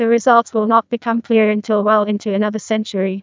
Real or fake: fake